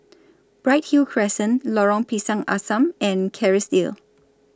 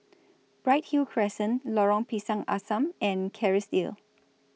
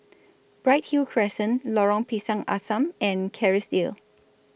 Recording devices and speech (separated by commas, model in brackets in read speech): standing microphone (AKG C214), mobile phone (iPhone 6), boundary microphone (BM630), read sentence